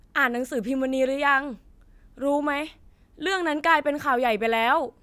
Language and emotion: Thai, frustrated